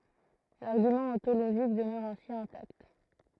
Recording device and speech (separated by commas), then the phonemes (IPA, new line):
throat microphone, read sentence
laʁɡymɑ̃ ɔ̃toloʒik dəmœʁ ɛ̃si ɛ̃takt